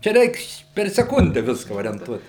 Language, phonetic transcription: Lithuanian, čia ˈreiks per seˈkunde ˈviska orienˈtuot

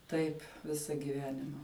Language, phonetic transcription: Lithuanian, ˈtaip ˈvisa giˈvenima

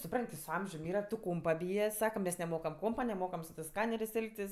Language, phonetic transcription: Lithuanian, suˈpran't' ti su ˈamžium ˈyra tu ˈkompa ˈbyje ˈsaka mes neˈmokam ˈkompa neˈmokam su tɜs ˈskanerės' ˈelgtis

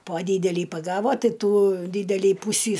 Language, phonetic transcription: Lithuanian, po ˈdydelį paˈgavo ˈtai ˈtų ˈdydelį ˈpūsį

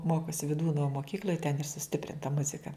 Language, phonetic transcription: Lithuanian, ˈmokosi viˈdūno moˈkykl'oj ten ir suˈstiprinta ˈmuzika

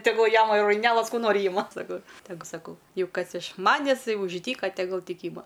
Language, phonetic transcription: Lithuanian, teˈgul ˈjama ir raiˈnelas ˈkų ˈnori ˈyma saˈkau teˈgu saˈkau ˈjau ˈkas iš ˈmanes ˈtai už ˈdyka teˈgul ˈtik ˈyma

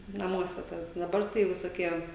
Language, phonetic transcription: Lithuanian, naˈmuose ˈtada daˈbar tai visoˈkie

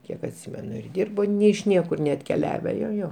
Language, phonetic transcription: Lithuanian, ˈkiek atˈsymenu ir ˈdyrbo ne iš ˈniekur neatkeˈliave jo ˈjo

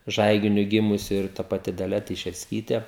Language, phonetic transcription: Lithuanian, ˈžaiginiu ˈgimusi ir ta paˈti daˈlia teišersˈkytė

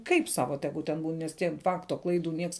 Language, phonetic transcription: Lithuanian, ˈkaip ˈsava ˈtegu ten ˈbūn nes tie ˈfakto ˈklaiˌdų ˈnieks

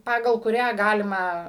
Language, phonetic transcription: Lithuanian, ˈpagal kuˈrią ˈgalima

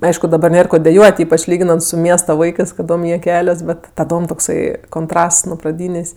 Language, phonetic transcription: Lithuanian, nu ˈaišku daˈba ˈnėr ˈko deˈjuot' ˈypač ˈlyginant su ˈmiesta ˈvaikɜs kaˈdom ˈjie ˈkelias ˈbet taˈdom tokˈsai konˈtrasts nu praˈdynės'

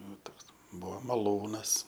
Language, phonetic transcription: Lithuanian, ˈnu ˈtoks ˈbuo maˈlūnas

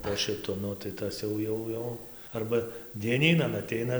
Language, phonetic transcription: Lithuanian, po šiˈtu ˈnu tai ˈtas jau ˈjau ˈjau ˈarba dieˈnynan aˈteina

